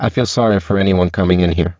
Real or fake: fake